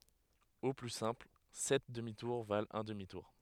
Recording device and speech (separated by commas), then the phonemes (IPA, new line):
headset microphone, read sentence
o ply sɛ̃pl sɛt dəmi tuʁ valt œ̃ dəmi tuʁ